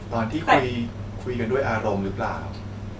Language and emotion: Thai, neutral